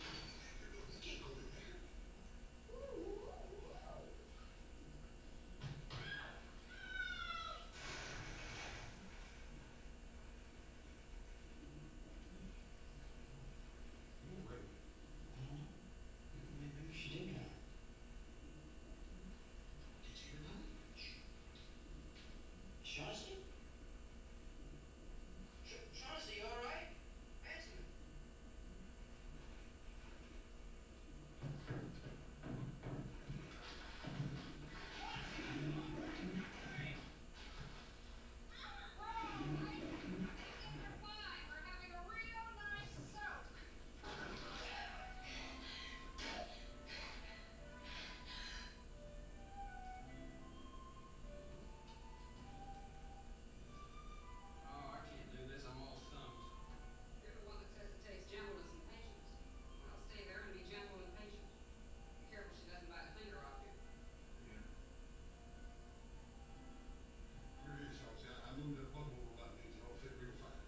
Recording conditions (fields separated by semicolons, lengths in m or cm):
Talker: no one; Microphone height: 71 cm; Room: large; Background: television